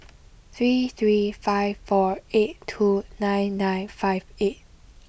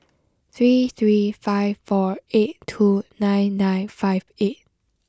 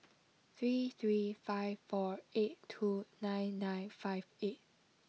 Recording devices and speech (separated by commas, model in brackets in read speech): boundary microphone (BM630), close-talking microphone (WH20), mobile phone (iPhone 6), read sentence